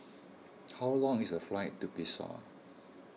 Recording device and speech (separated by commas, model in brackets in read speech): mobile phone (iPhone 6), read sentence